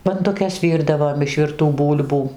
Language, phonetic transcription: Lithuanian, banduˈkes ˈvyrdavom iš virˈtų ˈbūl'bų

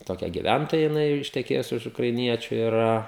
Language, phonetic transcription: Lithuanian, toˈkia giˈvæntoja jiˈnai jau išteˈkėjus už ukraiˈniečiu iˈra

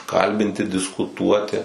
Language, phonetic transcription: Lithuanian, ˈkalbinti diskuˈtuoti

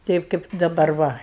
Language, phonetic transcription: Lithuanian, ˈteip kaip daˈbar ˈva

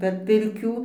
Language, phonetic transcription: Lithuanian, per ˈpirkių

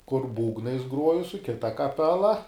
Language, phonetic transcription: Lithuanian, kur ˈbūgnais ˈgruoju su ˈkita kaˈpela

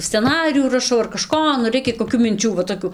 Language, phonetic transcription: Lithuanian, sceˈnarijų raˈšau ar kaˈžko nu ˈreikia koˈkių minˈčių va toˈkių

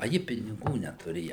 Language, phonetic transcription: Lithuanian, aˈji piniˈgų netuˈrėja

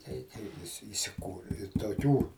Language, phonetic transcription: Lithuanian, ˈtei kai viˈsi isiˈkūri i toˈkių

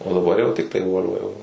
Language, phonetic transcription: Lithuanian, o daˈbar jau ˈtiktai ˈvol'va jau

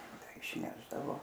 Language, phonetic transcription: Lithuanian, ˈtai išˈnešdavo

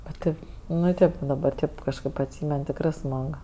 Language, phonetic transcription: Lithuanian, bet ˈtaip ˈnu ˈtėp daˈbar ˈtėp kažˈkɜp atˈsymen tikˈrɜ ˈsmag

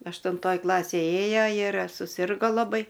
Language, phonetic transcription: Lithuanian, aštunˈtoj ˈklasėj ˈėjo ir suˈsirgo laˈbai

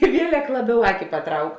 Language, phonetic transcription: Lithuanian, i ˈvielek ˈlaˌbiau ˈaki paˈtrauk

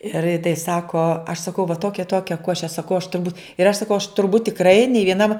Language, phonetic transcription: Lithuanian, ir ji tai ˈsako aš saˈkau va ˈtokia i ˈtokia ˈkoše saˈkau aš turˈbūt ir aš saˈkau aš turˈbūt tikˈrai nei vieˈnam

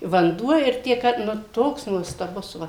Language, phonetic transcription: Lithuanian, vanˈduo ir ˈtie ka ˈnu ˈtoks nuostaˈbus ˈva

